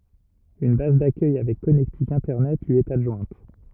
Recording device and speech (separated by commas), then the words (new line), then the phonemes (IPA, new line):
rigid in-ear microphone, read sentence
Une base d'accueil avec connectique Internet lui est adjointe.
yn baz dakœj avɛk kɔnɛktik ɛ̃tɛʁnɛt lyi ɛt adʒwɛ̃t